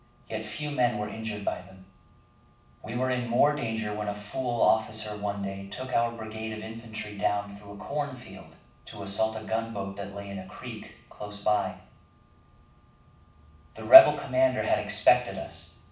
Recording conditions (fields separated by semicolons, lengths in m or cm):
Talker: one person; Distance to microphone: 5.8 m; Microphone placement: far; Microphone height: 1.8 m; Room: medium-sized (5.7 m by 4.0 m); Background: none